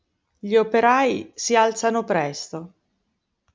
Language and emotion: Italian, neutral